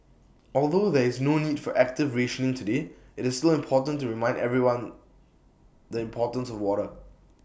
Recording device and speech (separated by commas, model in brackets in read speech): boundary microphone (BM630), read sentence